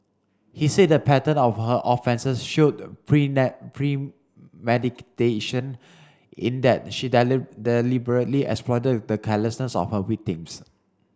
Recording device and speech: standing microphone (AKG C214), read sentence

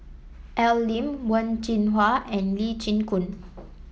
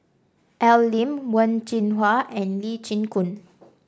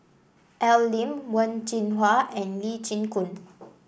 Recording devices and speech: mobile phone (iPhone 7), standing microphone (AKG C214), boundary microphone (BM630), read sentence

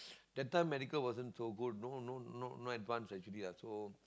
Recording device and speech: close-talking microphone, conversation in the same room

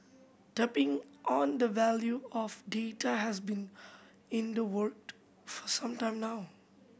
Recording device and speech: boundary microphone (BM630), read sentence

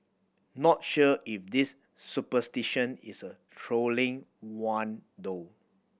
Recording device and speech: boundary microphone (BM630), read sentence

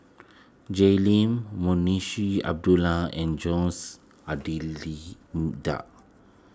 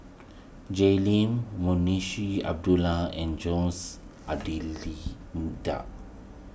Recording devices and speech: close-talking microphone (WH20), boundary microphone (BM630), read sentence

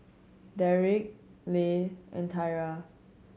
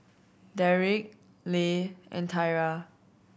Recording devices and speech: mobile phone (Samsung C7100), boundary microphone (BM630), read sentence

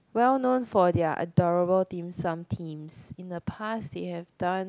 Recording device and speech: close-talking microphone, conversation in the same room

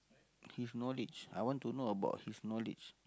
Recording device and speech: close-talking microphone, conversation in the same room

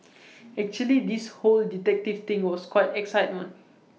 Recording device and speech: mobile phone (iPhone 6), read sentence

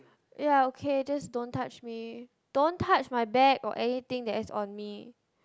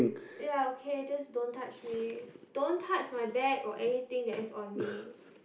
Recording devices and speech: close-talking microphone, boundary microphone, conversation in the same room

